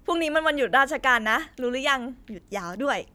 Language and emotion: Thai, happy